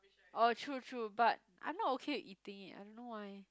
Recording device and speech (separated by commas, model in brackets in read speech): close-talking microphone, conversation in the same room